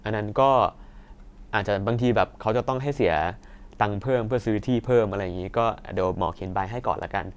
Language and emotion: Thai, neutral